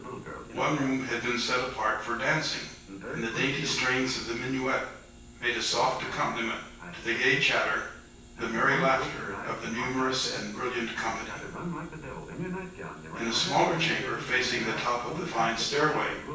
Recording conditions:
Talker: one person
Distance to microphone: 9.8 m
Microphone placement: far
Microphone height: 1.8 m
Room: large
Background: television

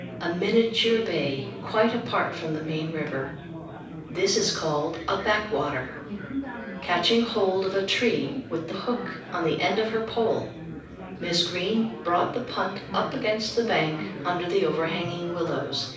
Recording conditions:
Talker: one person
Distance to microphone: 5.8 m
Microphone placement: far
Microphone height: 1.8 m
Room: medium-sized (5.7 m by 4.0 m)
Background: babble

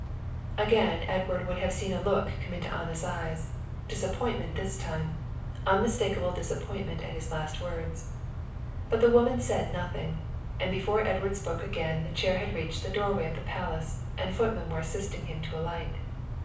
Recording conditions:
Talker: one person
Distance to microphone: 5.8 m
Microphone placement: far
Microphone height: 1.8 m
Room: medium-sized (5.7 m by 4.0 m)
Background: none

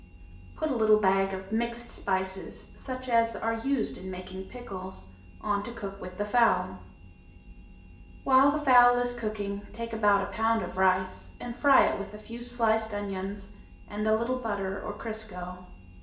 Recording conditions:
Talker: one person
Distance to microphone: 1.8 m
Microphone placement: close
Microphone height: 1.0 m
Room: large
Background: none

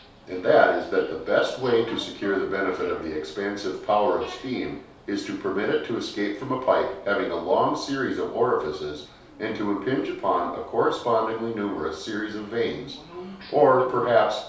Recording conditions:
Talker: one person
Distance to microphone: 3.0 m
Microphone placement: far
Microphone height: 1.8 m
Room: small (3.7 m by 2.7 m)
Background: television

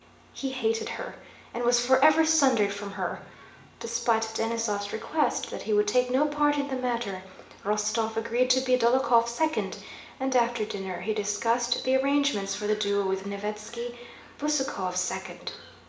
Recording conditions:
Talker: one person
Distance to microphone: 1.8 m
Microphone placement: close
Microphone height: 1.0 m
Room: large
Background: television

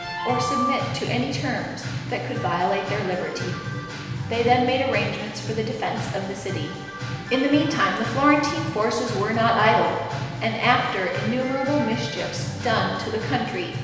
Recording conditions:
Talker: one person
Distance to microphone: 1.7 m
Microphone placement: close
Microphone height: 1.0 m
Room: very reverberant, large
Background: music

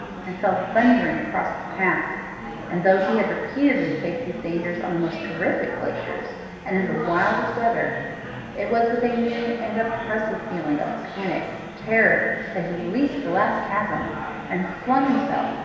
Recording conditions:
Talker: one person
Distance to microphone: 1.7 m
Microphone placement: close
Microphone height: 1.0 m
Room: very reverberant, large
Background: babble

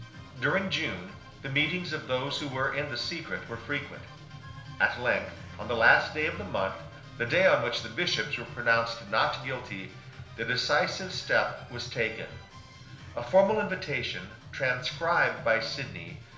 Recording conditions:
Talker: one person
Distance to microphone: 1.0 m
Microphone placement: close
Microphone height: 1.1 m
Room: small (3.7 m by 2.7 m)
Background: music

